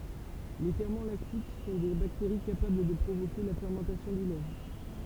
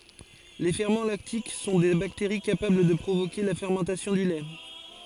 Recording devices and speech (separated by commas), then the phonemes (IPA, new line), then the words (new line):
temple vibration pickup, forehead accelerometer, read sentence
le fɛʁmɑ̃ laktik sɔ̃ de bakteʁi kapabl də pʁovoke la fɛʁmɑ̃tasjɔ̃ dy lɛ
Les ferments lactiques sont des bactéries capables de provoquer la fermentation du lait.